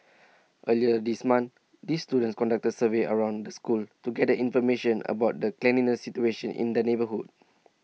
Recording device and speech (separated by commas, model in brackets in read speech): mobile phone (iPhone 6), read sentence